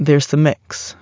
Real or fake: real